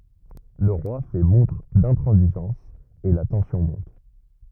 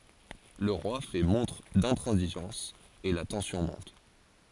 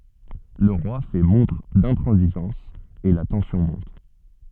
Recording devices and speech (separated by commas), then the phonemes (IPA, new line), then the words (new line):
rigid in-ear microphone, forehead accelerometer, soft in-ear microphone, read sentence
lə ʁwa fɛ mɔ̃tʁ dɛ̃tʁɑ̃ziʒɑ̃s e la tɑ̃sjɔ̃ mɔ̃t
Le roi fait montre d'intransigeance et la tension monte.